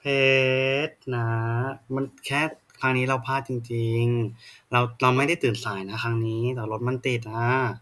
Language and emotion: Thai, sad